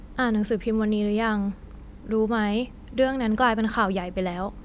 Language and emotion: Thai, neutral